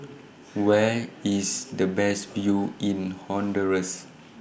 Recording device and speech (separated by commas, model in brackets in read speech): boundary microphone (BM630), read sentence